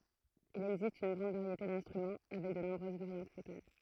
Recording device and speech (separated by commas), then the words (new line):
throat microphone, read sentence
Il existe une grande variété d'instruments, avec de nombreuses variantes locales.